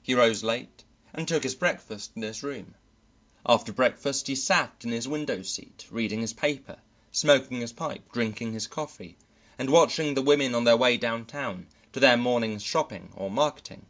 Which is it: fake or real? real